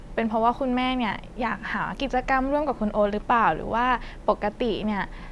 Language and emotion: Thai, neutral